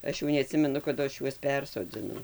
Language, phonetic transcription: Lithuanian, ˈaš jau neaˈtsimenu kaˈdu ˈaš ˈjuos ˈpersodzinau

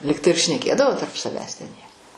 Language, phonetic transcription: Lithuanian, ˈligtai ir šneˈkėdavo tarp saˈvęs ten jie

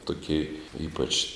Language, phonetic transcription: Lithuanian, tuˈkė ˈypač

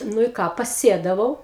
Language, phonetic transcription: Lithuanian, ˈnu i ˈką paˈsėdavau

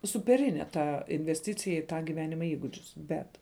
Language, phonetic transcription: Lithuanian, supeˈrine ˈta invesˈticija i ˈtą ˈgivenima ˈįgudžius ˈbet

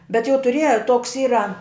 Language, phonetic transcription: Lithuanian, bet jau tuˈrieja toks ˈyra

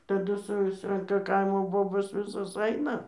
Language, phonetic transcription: Lithuanian, taˈdu ˈsusranka ˈkaimo ˈbobos ˈvisos ˈaina

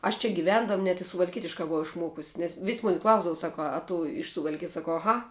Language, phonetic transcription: Lithuanian, aš čia giˈvendam net i suvalˈkietiškā buˈvau išˈmuokus' nes vis ˈmuni ˈklausdav ˈsaku a tu iš suvalˈkijas saˈkau aˈha

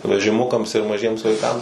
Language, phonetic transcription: Lithuanian, vežiˈmukams ir maˈžiems vaiˈkams

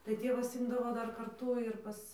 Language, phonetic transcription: Lithuanian, tai ˈtėvas ˈimdavo ˈdar karˈtū ir ˈpas

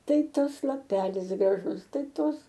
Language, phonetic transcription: Lithuanian, ˈtai ˈtas laˈpelis graˈžus ˈtai ˈtos

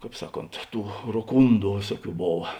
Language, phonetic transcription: Lithuanian, ˈkāp ˈsaˌkont ˈtų roˈkūndu ˈvėsuoˌkių ˈbova

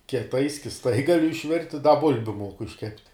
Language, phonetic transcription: Lithuanian, kieˈtai skisˈtai ˈgaliu išˈvirti da ˈbulbiu ˈmuoku išˈkepti

